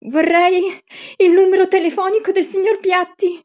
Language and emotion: Italian, fearful